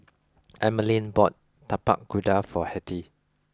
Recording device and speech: close-talking microphone (WH20), read sentence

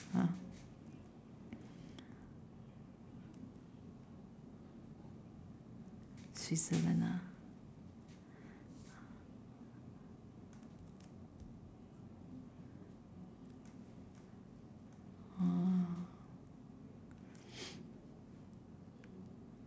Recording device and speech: standing microphone, conversation in separate rooms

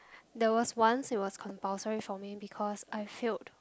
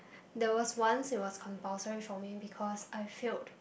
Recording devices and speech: close-talking microphone, boundary microphone, conversation in the same room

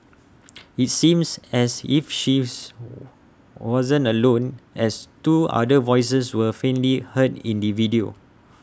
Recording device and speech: standing microphone (AKG C214), read sentence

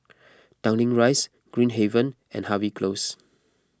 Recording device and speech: close-talking microphone (WH20), read sentence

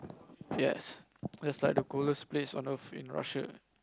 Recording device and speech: close-talking microphone, conversation in the same room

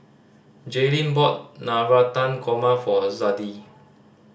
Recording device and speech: standing microphone (AKG C214), read sentence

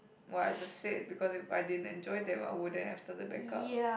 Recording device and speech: boundary microphone, conversation in the same room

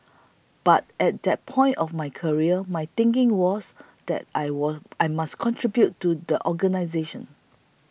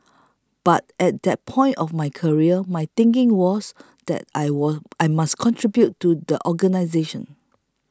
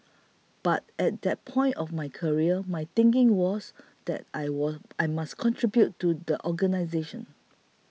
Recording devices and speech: boundary microphone (BM630), close-talking microphone (WH20), mobile phone (iPhone 6), read sentence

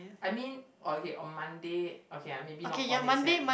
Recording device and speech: boundary microphone, conversation in the same room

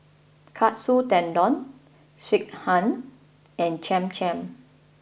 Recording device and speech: boundary microphone (BM630), read sentence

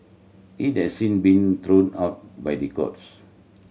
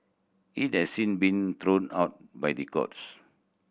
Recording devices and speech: mobile phone (Samsung C7100), boundary microphone (BM630), read sentence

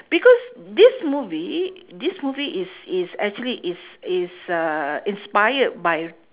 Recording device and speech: telephone, conversation in separate rooms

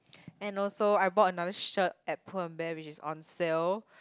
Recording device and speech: close-talking microphone, conversation in the same room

